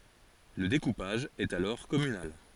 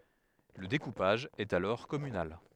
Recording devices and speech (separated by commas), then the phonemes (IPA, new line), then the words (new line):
forehead accelerometer, headset microphone, read sentence
lə dekupaʒ ɛt alɔʁ kɔmynal
Le découpage est alors communal.